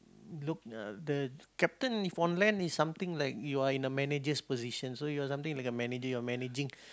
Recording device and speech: close-talking microphone, conversation in the same room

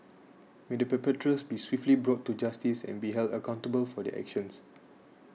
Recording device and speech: mobile phone (iPhone 6), read sentence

